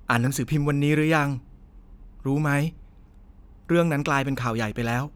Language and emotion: Thai, neutral